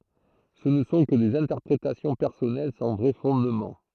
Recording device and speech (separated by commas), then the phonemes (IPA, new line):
throat microphone, read sentence
sə nə sɔ̃ kə dez ɛ̃tɛʁpʁetasjɔ̃ pɛʁsɔnɛl sɑ̃ vʁɛ fɔ̃dmɑ̃